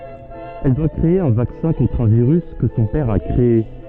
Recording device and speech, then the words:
soft in-ear microphone, read sentence
Elle doit créer un vaccin contre un virus que son père a créé.

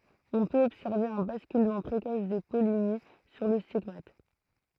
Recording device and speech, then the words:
throat microphone, read sentence
On peut observer un basculement précoce des pollinies sur le stigmate.

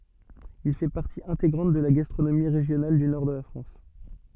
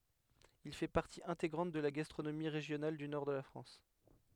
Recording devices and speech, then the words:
soft in-ear microphone, headset microphone, read sentence
Il fait partie intégrante de la gastronomie régionale du nord de la France.

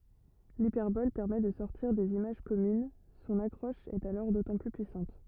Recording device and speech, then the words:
rigid in-ear microphone, read sentence
L'hyperbole permet de sortir des images communes, son accroche est alors d'autant plus puissante.

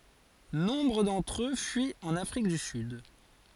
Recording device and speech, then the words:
forehead accelerometer, read sentence
Nombre d'entre eux fuient en Afrique du Sud.

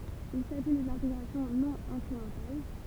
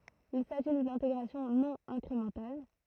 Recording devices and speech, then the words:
temple vibration pickup, throat microphone, read sentence
Il s’agit d'une intégration non incrémentale.

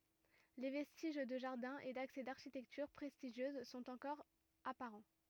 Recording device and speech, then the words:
rigid in-ear microphone, read sentence
Les vestiges de jardin et d'accès d'architecture prestigieuse sont encore apparents.

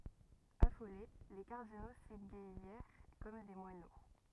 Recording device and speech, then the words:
rigid in-ear microphone, read sentence
Affolés, les cardinaux s’égaillèrent comme des moineaux.

